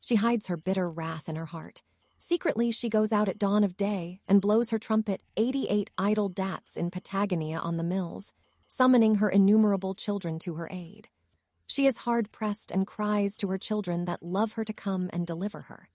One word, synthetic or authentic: synthetic